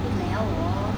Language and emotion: Thai, frustrated